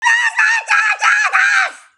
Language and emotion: English, angry